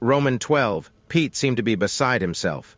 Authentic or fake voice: fake